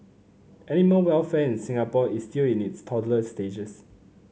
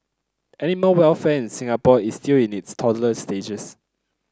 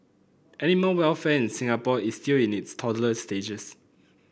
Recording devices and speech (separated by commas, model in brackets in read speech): mobile phone (Samsung C9), close-talking microphone (WH30), boundary microphone (BM630), read sentence